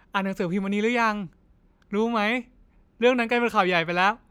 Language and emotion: Thai, happy